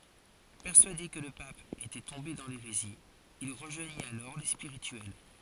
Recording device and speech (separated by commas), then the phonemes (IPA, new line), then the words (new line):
forehead accelerometer, read sentence
pɛʁsyade kə lə pap etɛ tɔ̃be dɑ̃ leʁezi il ʁəʒwaɲit alɔʁ le spiʁityɛl
Persuadé que le pape était tombé dans l’hérésie, il rejoignit alors les Spirituels.